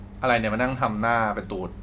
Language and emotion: Thai, neutral